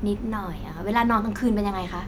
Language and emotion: Thai, neutral